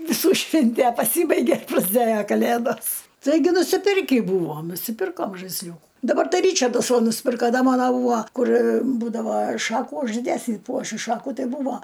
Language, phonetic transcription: Lithuanian, viˈsų ˈšvintæ paˈsybaigė prasˈdėja kaˈlėdos ˈtaigi nusiˈpirkį ˈbūvom nusiˈpirkom žaisˈliūku daˈbar ˈtai ˈryčardas ˈva nusˈpirka ˈda ˈmano ˈbūa ˈkur ˈbūdava ˈšakų uždesi ˈpuošiu ˈšakų ˈtai ˈbūvo

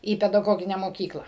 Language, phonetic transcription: Lithuanian, į pedaˈgogine moˈkykla

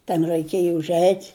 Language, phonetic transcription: Lithuanian, ten ræiˈkėja užˈeit'

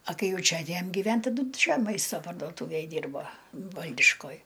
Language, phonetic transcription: Lithuanian, a ˈkai ˈjau ˈčia atˈėjam giˈven taˈdu ˈčia ˈmaista pardoˈtūvėj ˈdyrbo ˈvaldiškoj

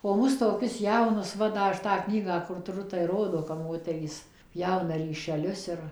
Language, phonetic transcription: Lithuanian, o ˈmus toˈkius ˈjaunus ˈva da ˈaš tą ˈknygą kur tuˈru tai ˈrodo kap ˈmoterys ˈpjauna ryšeˈlius ir

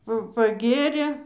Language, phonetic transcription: Lithuanian, ˈpa paˈgėrė

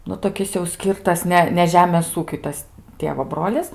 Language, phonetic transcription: Lithuanian, ˈnu toˈkis jau ˈskyrtas ˈne ne ˈžemės ˈūkiui ˈtas ˈtėvo ˈbrolis

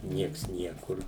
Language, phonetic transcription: Lithuanian, ˈnieks ˈniekur

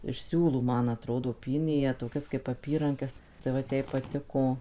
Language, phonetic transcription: Lithuanian, iš ˈsiūlų ˈman aˈtrodo ˈpynė jie toˈkias kaip aˈpyrankes tai ˈvat ˈjai paˈtiko

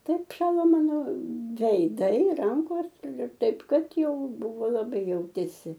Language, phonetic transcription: Lithuanian, ˈtaip ˈšalo ˈmano veiˈdai ˈrankos ir ir ˈtaip ˈkad ˈjau ˈbuvo laˈbai ˈjautėsi

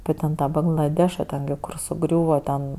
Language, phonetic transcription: Lithuanian, api ten ˈtą banglaˈdeša ˈten gi kur suˈgriūva ten

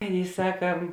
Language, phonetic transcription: Lithuanian, ˈaˌnėi ˈsaka

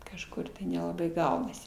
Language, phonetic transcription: Lithuanian, kažˈkur tai nelaˈbai ˈgaunasi

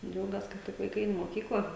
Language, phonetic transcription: Lithuanian, ˈdžiaugias ka ˈtik vaiˈkai ˈein i moˈkykla

